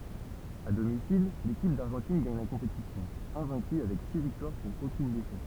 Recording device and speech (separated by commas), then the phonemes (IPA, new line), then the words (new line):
temple vibration pickup, read sentence
a domisil lekip daʁʒɑ̃tin ɡaɲ la kɔ̃petisjɔ̃ ɛ̃vɛ̃ky avɛk si viktwaʁ puʁ okyn defɛt
À domicile, l'équipe d'Argentine gagne la compétition, invaincue avec six victoires pour aucune défaite.